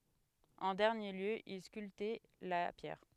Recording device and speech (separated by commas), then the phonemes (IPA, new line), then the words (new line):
headset microphone, read sentence
ɑ̃ dɛʁnje ljø il skyltɛ la pjɛʁ
En dernier lieu, il sculptait la pierre.